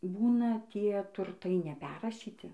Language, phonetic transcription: Lithuanian, ˈbūna ˈtie turˈtai neˈperrašyti

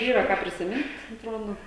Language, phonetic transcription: Lithuanian, ˈyra ˈką prisiˈmint atˈrodo

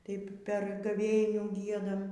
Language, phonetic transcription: Lithuanian, ˈtaip per gaˈvėnių ˈgiedam

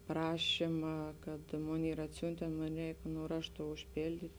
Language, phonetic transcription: Lithuanian, ˈprašima kad ˈmon ˈyr atˈsiuntėn ˈmon ˈreik nu ˈraštu užpėlˈdyt'

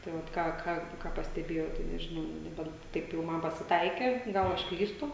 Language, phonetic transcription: Lithuanian, tai ˈvat ˈką ˈka ˈką pasteˈbėjau tai nežiˈnau nu neˈbent ˈtaip jau ˈman pasiˈtaikė ˈgal aš ˈklystu

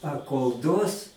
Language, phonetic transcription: Lithuanian, a kol ˈduos

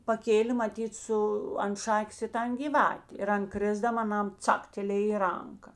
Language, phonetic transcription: Lithuanian, paˈkėlė maˈtyt ˈsu ant ˈšakės i ˈtan gyˈvatė ir ˈan ˈkrisdam aˈnam ˈcaktelėj i ˈranka

